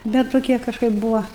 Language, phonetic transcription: Lithuanian, bet toˈkie kažˈkaip ˈbūva

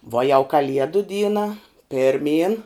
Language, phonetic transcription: Lithuanian, vuo jau kaˈliedu ˈdyna pirˈmyn

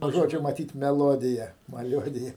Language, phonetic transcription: Lithuanian, nuo ˈžodžio maˈtyt meˈlodija maˈliuodija

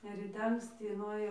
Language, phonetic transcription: Lithuanian, ir ryˈte anksˈty nuėˈjau

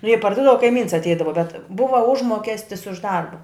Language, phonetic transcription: Lithuanian, jei parˈdūdava kaiˈmyns atˈeidava bet ˈbuva ˈužmokestis už ˈdarba

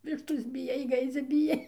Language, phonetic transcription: Lithuanian, ˈvištos biˈjai ˈgaidzia biˈjai

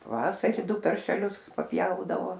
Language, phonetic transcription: Lithuanian, paˈvasari ˈdu paršeˈlius paˈpjaudavo

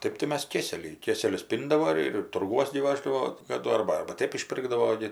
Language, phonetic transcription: Lithuanian, ˈtɜp tai ˈmes ˈkėseliai ˈkėselius ˈpyndavo ˈir ir turˈguos gi ˈvaždavo kaˈdu ˈarba arba ˈtėp išˈpirgdavo gi

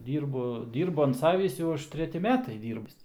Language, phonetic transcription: Lithuanian, ˈdyrbu ˈdyrbu an ˈsavįs ˈjau ˈaš treˈti ˈmetai ˈdyrbis

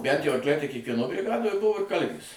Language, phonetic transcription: Lithuanian, bænt jau arkˈliai tai kiekvieˈno briˈgadoj ˈbuvo ir ˈkalvės

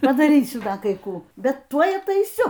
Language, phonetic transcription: Lithuanian, padaˈrysiu ˈda kai ˈkų bet ˈtuoj ataiˈsiu

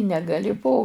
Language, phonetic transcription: Lithuanian, negaˈli po

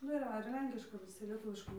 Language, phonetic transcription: Lithuanian, ˈnu ir ˈva ir ˈlenkiška viˈsi lieˈtuviškai

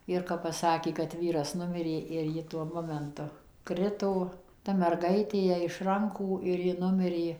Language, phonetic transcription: Lithuanian, ir kap paˈsakė kad ˈvyras ˈnumirė ir ˈji tuo ˈmomentu ˈkrito ta merˈgaitė ˈjai iš ˈrankų ir ˈji ˈnumirė

